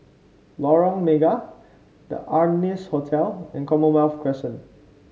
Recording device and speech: mobile phone (Samsung C5), read sentence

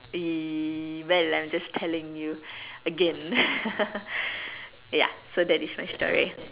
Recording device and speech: telephone, conversation in separate rooms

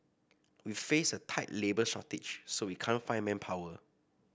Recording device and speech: boundary microphone (BM630), read sentence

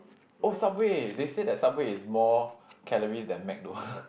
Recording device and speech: boundary microphone, conversation in the same room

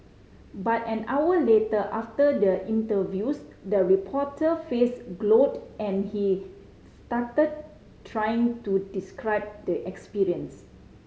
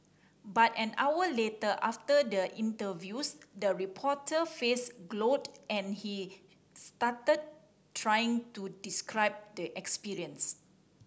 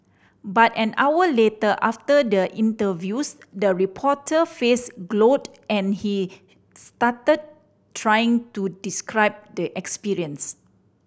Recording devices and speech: mobile phone (Samsung C5010), standing microphone (AKG C214), boundary microphone (BM630), read sentence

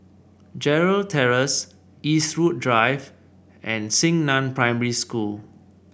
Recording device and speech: boundary microphone (BM630), read sentence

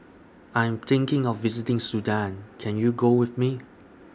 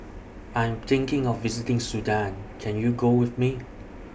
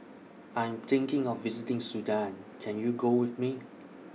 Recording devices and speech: standing microphone (AKG C214), boundary microphone (BM630), mobile phone (iPhone 6), read sentence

